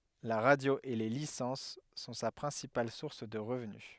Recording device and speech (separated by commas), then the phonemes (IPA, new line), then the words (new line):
headset microphone, read sentence
la ʁadjo e le lisɑ̃s sɔ̃ sa pʁɛ̃sipal suʁs də ʁəvny
La radio et les licences sont sa principale source de revenu.